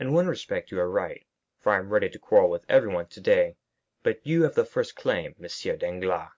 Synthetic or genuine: genuine